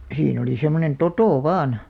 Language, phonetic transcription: Finnish, 'siin ‿oli semmonen "totò "vaan .
- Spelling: siinä oli semmoinen toto vain

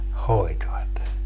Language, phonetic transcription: Finnish, 'hoitvat .
- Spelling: hoitivat

